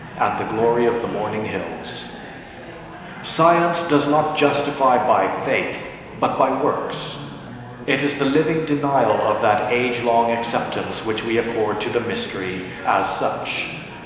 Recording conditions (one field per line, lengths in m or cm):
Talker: one person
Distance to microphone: 1.7 m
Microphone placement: close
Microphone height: 1.0 m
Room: very reverberant, large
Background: babble